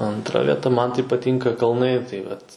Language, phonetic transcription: Lithuanian, antˈra vieˈta ˈman tai paˈtynka kalˈnai tai ˈvat

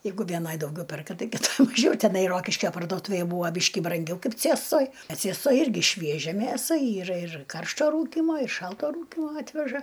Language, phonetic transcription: Lithuanian, ˈjeigu vėˈnaj dauˈgiau ˈperka ˈtai kiˈtoj maˈžiau teˈnai ˈrokiškio parduoˈtūvėj ˈbūva ˈbyški branˈgiau ˈkaip ˈcėstoj a ˈciestoj ˈirgi ˈšviežia ˈmėsa ˈyra ir ˈkaršto ˈrūkymo ir ˈšalto ˈrūkymo ˈatveža

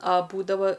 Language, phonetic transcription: Lithuanian, a ˈbūdava

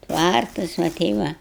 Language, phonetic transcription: Lithuanian, ˈtvartas va ˈtei va

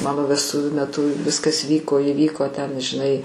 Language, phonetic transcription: Lithuanian, ˈmano vesˈtuvių meˈtu ˈviskas ˈvyko įˈvyko ten žiˈnai

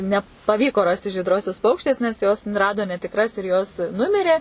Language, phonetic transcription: Lithuanian, nepaˈvyko ˈrasti žydˈrosius ˈpaukštės nes ˈjos ˈrado netikˈras ir jos ˈnumirė

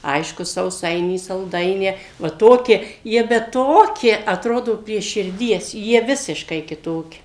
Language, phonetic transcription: Lithuanian, ˈaišku sauˈsainį salˈdainę va ˈtokie ˈjie bet ˈtokie atˈrodo prie širˈdies jie ˈvisiškai kiˈtoki

